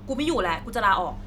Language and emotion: Thai, frustrated